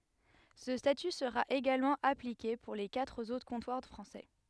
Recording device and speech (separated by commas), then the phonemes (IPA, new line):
headset microphone, read sentence
sə staty səʁa eɡalmɑ̃ aplike puʁ le katʁ otʁ kɔ̃twaʁ fʁɑ̃sɛ